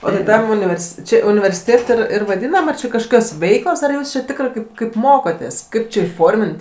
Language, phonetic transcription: Lithuanian, o tai ˈtam univerˈsi ˈči universiˈtėt ir ir vaˈdynam ar či kažˈkokios ˈveiklos ar ˈjūs či ˈtikrɜ ˈkaip ˈkaip ˈmokotės ˈkaip či įˈformint

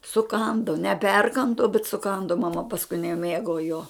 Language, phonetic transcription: Lithuanian, suˈkandu neˈperkandu bet suˈkandu maˈma pasˈkui neˈmėgo jo

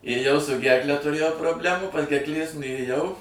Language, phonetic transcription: Lithuanian, ėˈjau su ˈgerkle tuˈrėjau probˈlemų pas gerkˈlės nuėˈjau

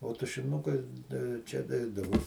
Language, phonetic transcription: Lithuanian, o tušiˈnukai tai jau ˈčia ˈneidavu

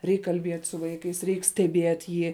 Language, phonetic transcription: Lithuanian, ˈreik kalˈbiet' su ˈvaikais ˈreik steˈbiet' ˈjį

